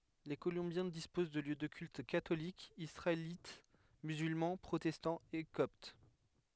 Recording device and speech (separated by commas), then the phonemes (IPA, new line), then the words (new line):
headset microphone, read sentence
le kolɔ̃bjɛ̃ dispoz də ljø də kylt katolik isʁaelit myzylmɑ̃ pʁotɛstɑ̃ e kɔpt
Les Colombiens disposent de lieux de culte catholique, israélite, musulman, protestant et copte.